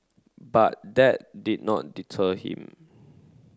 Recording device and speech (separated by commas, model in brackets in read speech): close-talking microphone (WH30), read sentence